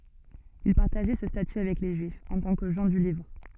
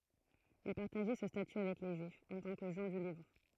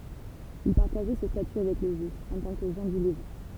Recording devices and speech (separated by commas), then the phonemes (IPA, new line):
soft in-ear microphone, throat microphone, temple vibration pickup, read sentence
il paʁtaʒɛ sə staty avɛk le ʒyifz ɑ̃ tɑ̃ kə ʒɑ̃ dy livʁ